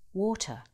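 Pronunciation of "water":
'water' is said with a British accent, and there is no R sound at the end.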